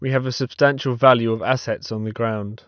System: none